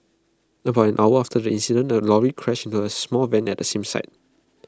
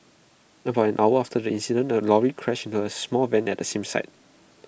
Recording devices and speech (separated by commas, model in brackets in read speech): close-talking microphone (WH20), boundary microphone (BM630), read sentence